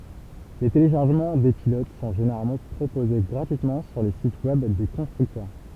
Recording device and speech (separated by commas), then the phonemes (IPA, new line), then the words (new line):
temple vibration pickup, read sentence
le teleʃaʁʒəmɑ̃ de pilot sɔ̃ ʒeneʁalmɑ̃ pʁopoze ɡʁatyitmɑ̃ syʁ le sit wɛb de kɔ̃stʁyktœʁ
Les téléchargements des pilotes sont généralement proposés gratuitement sur les sites web des constructeurs.